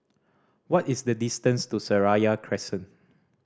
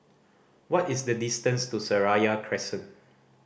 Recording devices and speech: standing microphone (AKG C214), boundary microphone (BM630), read sentence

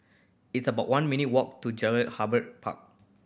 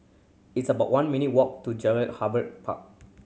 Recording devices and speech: boundary microphone (BM630), mobile phone (Samsung C7100), read sentence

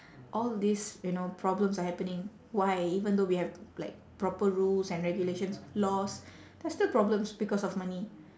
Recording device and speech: standing microphone, conversation in separate rooms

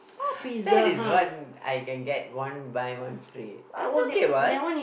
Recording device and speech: boundary microphone, conversation in the same room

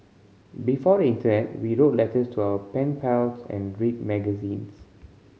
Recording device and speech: mobile phone (Samsung C5010), read sentence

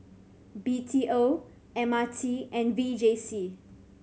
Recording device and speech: mobile phone (Samsung C7100), read sentence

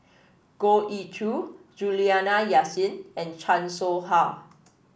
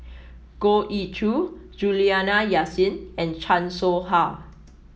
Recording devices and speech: boundary microphone (BM630), mobile phone (iPhone 7), read sentence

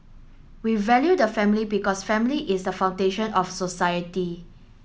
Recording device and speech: mobile phone (Samsung S8), read sentence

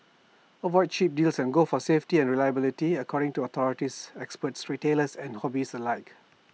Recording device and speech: mobile phone (iPhone 6), read sentence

